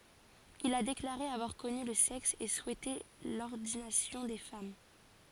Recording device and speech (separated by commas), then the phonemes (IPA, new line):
forehead accelerometer, read sentence
il a deklaʁe avwaʁ kɔny lə sɛks e suɛte lɔʁdinasjɔ̃ de fam